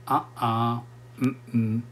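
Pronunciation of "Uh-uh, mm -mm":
'Uh-uh' and 'mm-mm' are said quickly and casually, as a way of saying no.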